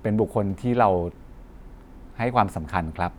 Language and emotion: Thai, neutral